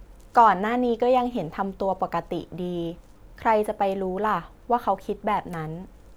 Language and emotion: Thai, neutral